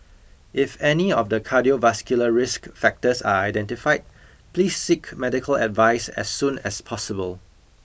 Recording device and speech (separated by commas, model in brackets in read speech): boundary microphone (BM630), read sentence